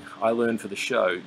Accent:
using Australian accent